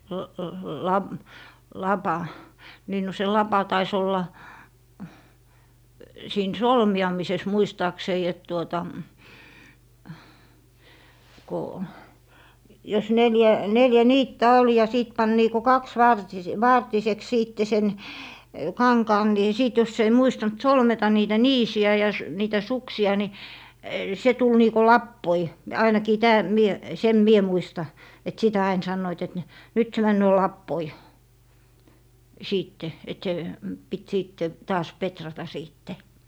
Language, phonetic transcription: Finnish, l - l - la- , 'lapa , 'niin no se "lapa tais ‿olla , 'siin "solmi₍amises 'muistaaksei et tuota , ko , jos 'neljä , 'neljä "niittä 'ol ja 'sìt 'pan niiko "kaks'vartise- , "vartiseks 'siitte sen , 'kaŋkaan ni 'sìt jos ‿ei 'muistant "solmeta 'niitä "niisi₍ä ja s- , niitä "suksi₍a ni , 'se 'tul niiko "lappoi , 'ainakii 'tää- , 'mie , 'sem "mie 'muista , et 'sitä 'ain 'sannoit et ne , » 'nyt se 'männöö "lappoi » , 'siitte , et se , pit 'siitte , taas "petrata 'siitte .
- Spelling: - - - lapa niin no se lapa taisi olla siinä solmiamisessa muistaakseni että tuota kun jos neljä neljä niittä oli ja sitten pani niin kuin - kaksivartiseksi sitten sen kankaan niin sitten jos ei muistanut solmita niitä niisiä ja - niitä suksia niin se tuli niin kuin lapoja ainakin - minä sen minä muistan että sitä aina sanoivat että ne nyt se menee lapoihin sitten että se piti sitten taas petrata sitten

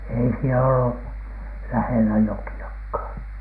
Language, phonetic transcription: Finnish, ei sielä ole- , 'lähelä 'joki₍akhàN .
- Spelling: ei siellä ole lähellä jokeakaan

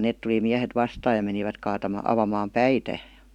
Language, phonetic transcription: Finnish, 'nèt tu- tuli 'miähet "vastaaj ja menivät kaatama- 'avamaam "päitä .
- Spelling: ne - tuli miehet vastaan ja menivät - avaamaan päitä

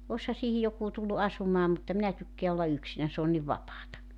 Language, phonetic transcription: Finnish, 'osha siihi 'jokuu tullu "asumaa mutta 'minä tykkeä olla 'yksinän s ‿oon niv 'vapaata .
- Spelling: olisihan siihen joku tullut asumaan mutta minä tykkään olla yksinäni se on niin vapaata

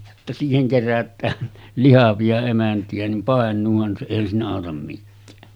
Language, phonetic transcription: Finnish, jotta » siiheŋ kerät̆tään , 'lihavi₍a 'emänti₍ä nim 'pàen̆nuuhan se 'èihän siinä àotam mikkää « .
- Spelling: jotta siihen kerätään lihavia emäntiä niin painuuhan se eihän siinä auta mikään

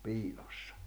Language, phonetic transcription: Finnish, 'piiʟᴏssᴀ .
- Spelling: piilossa

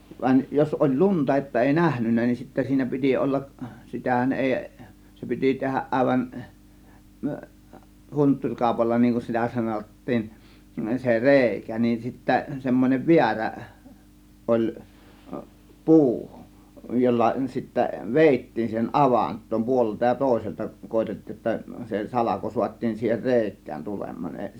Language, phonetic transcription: Finnish, 'vaⁱn , jos oĺ "lunta että 'èi "nähnynnä nin , 'sittä siinä "pi̬ti "ollaˀ , 'si̬tähän 'ˀèi , 'se pi̬ti 'tehäˀ ˀàėvan , "hunttuŕ 'kàȯpalla niŋ kun 'sitä "sanot̀tiin , se "rèikä , nin sittä semmon͕ev "viärä , 'ˀoĺ , "puu , 'jolla sittä "vèittiin siihen "ˀavant̆toom 'puolelta ja 'tòėselta 'koetettiij jotta , se "salako 'suat́tiin siihen "rèik̆kään 'tulem̆maan ens- .
- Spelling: vaan jos oli lunta että ei nähnyt niin sitten siinä piti olla sitähän ei se piti tehdä aivan - huntturikaupalla niin kuin sitä sanottiin se reikä niin sitten semmoinen väärä oli puu jolla sitten vedettiin siihen avantoon puolelta ja toiselta koetettiin jotta se salko saatiin siihen reikään tulemaan -

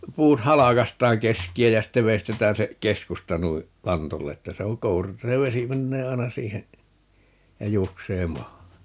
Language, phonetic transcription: Finnish, 'puut "halakast̀aaŋ 'keski₍ä jä 'sitte 'veistetään se , "keskusta 'nui , "lantolle 'että 'se oŋ "kouru että 'se 'vesi 'mennee 'ai̮na "siihen , ja 'juoksee "maahan .
- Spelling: puut halkaistaan keskeä ja sitten veistetään se keskusta noin lantolle että se on kouru että se vesi menee aina siihen ja juoksee maahan

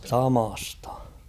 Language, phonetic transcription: Finnish, samastᴀ .
- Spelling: samasta

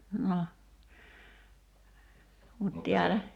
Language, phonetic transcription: Finnish, no , mut 'tiälä ,.
- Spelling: no mutta täällä

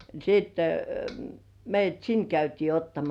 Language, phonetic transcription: Finnish, ni siitte , meij̆jät "sin käytii 'ottamas .
- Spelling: niin sitten meidät sinne käytiin ottamassa

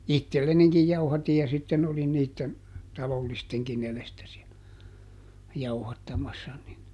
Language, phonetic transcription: Finnish, "ittellenikij ˈjauhatij ja sitten olin ˈniitten , ˈtalollisteŋkin ‿elestä si₍ä , ˈjauhattamassa ni .
- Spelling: itsellenikin jauhatin ja sitten olin niiden talollistenkin edestä siellä jauhattamassa niin

